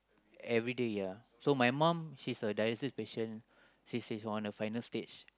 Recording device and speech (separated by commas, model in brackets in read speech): close-talking microphone, conversation in the same room